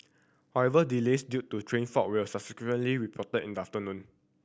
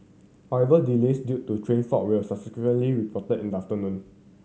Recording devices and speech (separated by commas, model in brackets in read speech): boundary microphone (BM630), mobile phone (Samsung C7100), read sentence